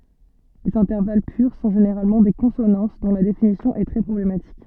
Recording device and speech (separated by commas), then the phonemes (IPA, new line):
soft in-ear microphone, read sentence
lez ɛ̃tɛʁval pyʁ sɔ̃ ʒeneʁalmɑ̃ de kɔ̃sonɑ̃s dɔ̃ la definisjɔ̃ ɛ tʁɛ pʁɔblematik